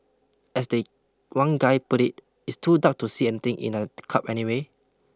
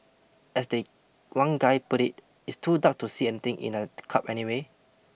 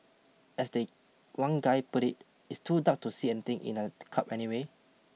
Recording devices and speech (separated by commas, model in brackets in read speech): close-talking microphone (WH20), boundary microphone (BM630), mobile phone (iPhone 6), read sentence